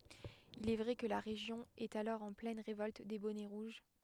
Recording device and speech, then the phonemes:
headset microphone, read sentence
il ɛ vʁɛ kə la ʁeʒjɔ̃ ɛt alɔʁ ɑ̃ plɛn ʁevɔlt de bɔnɛ ʁuʒ

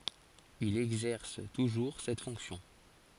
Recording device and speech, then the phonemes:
forehead accelerometer, read sentence
il ɛɡzɛʁs tuʒuʁ sɛt fɔ̃ksjɔ̃

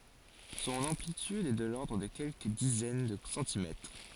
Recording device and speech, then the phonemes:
forehead accelerometer, read sentence
sɔ̃n ɑ̃plityd ɛ də lɔʁdʁ də kɛlkə dizɛn də sɑ̃timɛtʁ

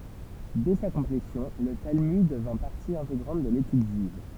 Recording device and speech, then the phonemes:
temple vibration pickup, read sentence
dɛ sa kɔ̃plesjɔ̃ lə talmyd dəvɛ̃ paʁti ɛ̃teɡʁɑ̃t də letyd ʒyiv

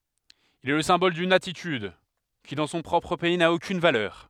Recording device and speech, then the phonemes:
headset microphone, read sentence
il ɛ lə sɛ̃bɔl dyn atityd ki dɑ̃ sɔ̃ pʁɔpʁ pɛi na okyn valœʁ

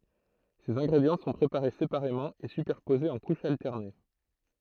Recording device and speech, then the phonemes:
throat microphone, read sentence
sez ɛ̃ɡʁedjɑ̃ sɔ̃ pʁepaʁe sepaʁemɑ̃ e sypɛʁpozez ɑ̃ kuʃz altɛʁne

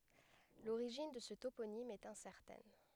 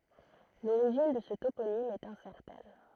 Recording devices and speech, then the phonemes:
headset microphone, throat microphone, read sentence
loʁiʒin də sə toponim ɛt ɛ̃sɛʁtɛn

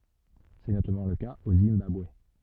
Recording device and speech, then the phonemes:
soft in-ear microphone, read sentence
sɛ notamɑ̃ lə kaz o zimbabwe

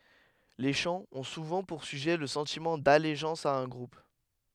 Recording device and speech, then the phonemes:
headset microphone, read sentence
le ʃɑ̃z ɔ̃ suvɑ̃ puʁ syʒɛ lə sɑ̃timɑ̃ daleʒɑ̃s a œ̃ ɡʁup

